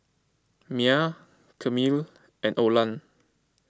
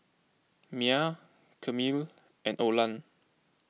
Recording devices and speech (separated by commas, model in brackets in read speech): close-talking microphone (WH20), mobile phone (iPhone 6), read sentence